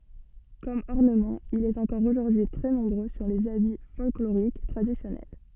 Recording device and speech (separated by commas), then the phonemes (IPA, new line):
soft in-ear microphone, read sentence
kɔm ɔʁnəmɑ̃ il ɛt ɑ̃kɔʁ oʒuʁdyi tʁɛ nɔ̃bʁø syʁ lez abi fɔlkloʁik tʁadisjɔnɛl